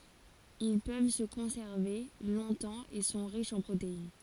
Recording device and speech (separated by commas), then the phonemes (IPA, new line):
forehead accelerometer, read sentence
il pøv sə kɔ̃sɛʁve lɔ̃tɑ̃ e sɔ̃ ʁiʃz ɑ̃ pʁotein